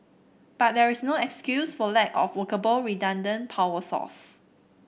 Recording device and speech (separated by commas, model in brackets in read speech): boundary microphone (BM630), read sentence